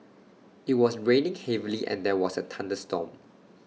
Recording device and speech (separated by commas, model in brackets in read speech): mobile phone (iPhone 6), read sentence